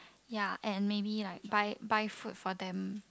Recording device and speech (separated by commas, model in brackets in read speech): close-talking microphone, conversation in the same room